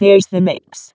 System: VC, vocoder